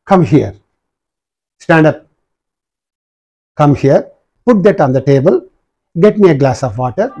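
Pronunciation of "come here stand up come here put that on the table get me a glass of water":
Each of these commands, from 'come here' and 'stand up' to 'put that on the table' and 'get me a glass of water', is said with a falling intonation.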